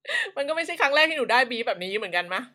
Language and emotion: Thai, happy